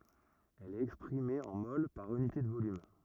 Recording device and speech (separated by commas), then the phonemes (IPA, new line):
rigid in-ear microphone, read sentence
ɛl ɛt ɛkspʁime ɑ̃ mol paʁ ynite də volym